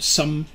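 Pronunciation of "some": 'some' is said in its weak form, not its strong form.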